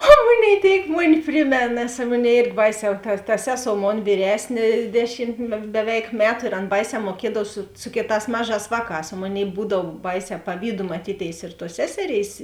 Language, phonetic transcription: Lithuanian, o ˈmuˌnėi tėik ˈmuˌni ˈprimėn nes ˈmunei ˈėrgi ˈbaiˌsē ta ta ˈseˌsou ˈmon vyˈresnė ˈdeˌšim beˈveik ˈmetu ir ˈan ˈbaiˌsē muoˈkiedav su ˈsu kėˌtās ˈmaˌžās vāˌkās o ˈmoˌnėi ˈbūdav ˈbaiˌsē paˈvydu maˈtytėis ir tuos ˈseseˌrėis

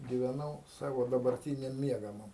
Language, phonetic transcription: Lithuanian, gyveˈnau ˈsavo dabarˈtyniam ˈmiegamam

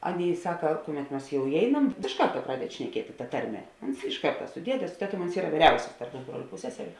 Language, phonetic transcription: Lithuanian, ˈaˌnėi ˈsaka ˈkuˌmet ˈmas jau iˈeinam iš ˈkarta ˈpradedi šneˈkieti ta ˈtarˌme ˈuns iš ˈkarta su ˈdiede su ˈteˌtuom uns ˈyra ˈvyriausis tarp ˈpusbroliu ˈpusseseriu

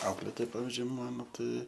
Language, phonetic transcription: Lithuanian, ˈauklėtoj ˈpavizdžiui ˈmano ˈtai

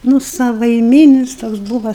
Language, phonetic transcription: Lithuanian, ˈnu savaiˈmynis ˈtoks ˈbūva

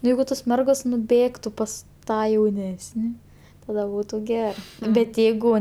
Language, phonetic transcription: Lithuanian, ˈjeigu tos ˈmergos nuˈbėgtu ˈpas ˈtą jauˈnesni ˈtada ˈbūtu ˈgerɜ bet ˈjeigu

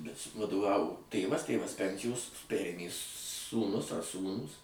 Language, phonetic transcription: Lithuanian, bet su vaduˈvavo ˈtėvas ˈtėvas ˈpensijos ˈperėmė sūˈnus ar ˈsūnūs

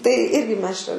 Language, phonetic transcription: Lithuanian, tai ˈirgi ˈmes čia

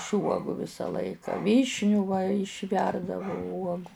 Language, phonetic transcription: Lithuanian, iš ˈuogų ˈvisa ˈlaika ˈvyšnių va išˈverdavu ˈuogu

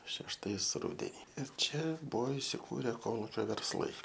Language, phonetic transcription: Lithuanian, šešˈtais ˈrudeni ir ˈčia ˈbuvo isiˈkūre ˈkolūkio versˈlai

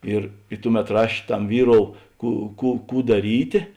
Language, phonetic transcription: Lithuanian, ˈir i ˈtuˌmet ˈraš' ˈtam ˈvyˌrou ˈkų ˈkų ˈkų daˈrytė

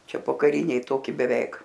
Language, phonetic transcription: Lithuanian, ˈčia pokaˈriniai ˈtoki beˈveik

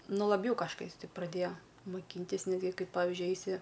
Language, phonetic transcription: Lithuanian, ˈnu laˈbjau kažˈkais ˈti praˈdėjo muˈkyntis ˈnetgi ˈkaip ˈpavižiui ˈeisi

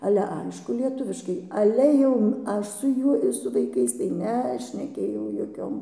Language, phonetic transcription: Lithuanian, ˈale ˈaišku lieˈtuviškai ˈale jau ˈaš su ˈjuoj ir su vaiˈkais tai nešneˈkėjau joˈkiom

